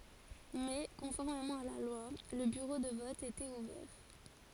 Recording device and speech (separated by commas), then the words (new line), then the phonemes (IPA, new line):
forehead accelerometer, read sentence
Mais, conformément à la loi, le bureau de vote était ouvert.
mɛ kɔ̃fɔʁmemɑ̃ a la lwa lə byʁo də vɔt etɛt uvɛʁ